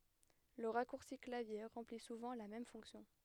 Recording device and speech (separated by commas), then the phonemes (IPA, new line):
headset microphone, read sentence
lə ʁakuʁsi klavje ʁɑ̃pli suvɑ̃ la mɛm fɔ̃ksjɔ̃